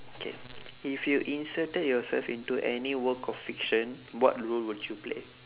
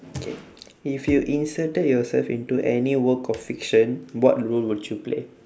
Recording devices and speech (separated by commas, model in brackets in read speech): telephone, standing microphone, conversation in separate rooms